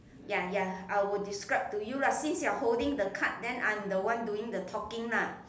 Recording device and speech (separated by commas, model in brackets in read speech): standing microphone, conversation in separate rooms